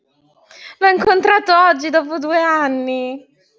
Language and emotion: Italian, happy